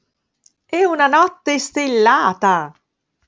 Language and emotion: Italian, surprised